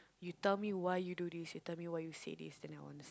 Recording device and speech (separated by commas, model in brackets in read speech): close-talking microphone, conversation in the same room